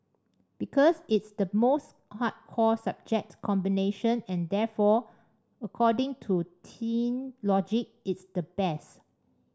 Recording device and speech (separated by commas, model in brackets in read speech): standing microphone (AKG C214), read sentence